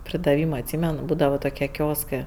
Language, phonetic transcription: Lithuanian, pridaˈvyma atˈsymen ˈbūdava toˈkie ˈkioskɜ

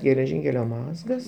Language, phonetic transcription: Lithuanian, geleˈžinkelio ˈmazgas

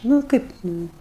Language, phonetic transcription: Lithuanian, ˈnu ˈkaip ˈnu

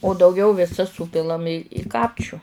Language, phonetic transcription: Lithuanian, o dauˈgiau viˈsas ˈsūpilam i i ˈkapčiu

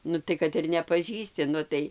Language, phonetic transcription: Lithuanian, ˈnu tai kad ir nepaˈžįsti ˈnu tai

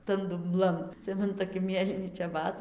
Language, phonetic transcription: Lithuanian, tan dumˈblan aˈtsimenu toˈki ˈmėlyni čeˈbat

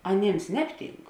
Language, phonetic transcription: Lithuanian, aˈnėms ˈnebˌtynk

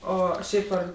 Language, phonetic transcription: Lithuanian, ˈo ˈšiaip ar

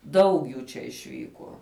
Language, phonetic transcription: Lithuanian, ˈdaug jų čia išˈvykuo

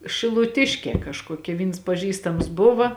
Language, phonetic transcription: Lithuanian, šiluˈtiškė kažkuoˈkia ˈvyns paˈžįstams ˈbuva

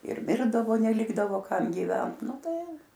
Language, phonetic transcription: Lithuanian, ir ˈmirdavo neˈlikdavo ˈkam gyˈvent ˈnu ˈtai

